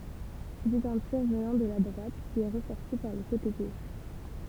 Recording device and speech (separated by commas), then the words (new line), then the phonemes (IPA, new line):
temple vibration pickup, read sentence
C'était un tir venant de la droite qui est ressorti par le côté gauche.
setɛt œ̃ tiʁ vənɑ̃ də la dʁwat ki ɛ ʁəsɔʁti paʁ lə kote ɡoʃ